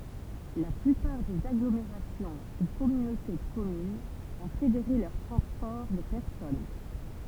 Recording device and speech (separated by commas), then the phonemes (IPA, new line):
temple vibration pickup, read sentence
la plypaʁ dez aɡlomeʁasjɔ̃ u kɔmynote də kɔmynz ɔ̃ fedeʁe lœʁ tʁɑ̃spɔʁ də pɛʁsɔn